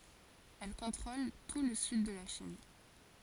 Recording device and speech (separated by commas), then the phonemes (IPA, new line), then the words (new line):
forehead accelerometer, read sentence
ɛl kɔ̃tʁol tu lə syd də la ʃin
Elle contrôle tout le sud de la Chine.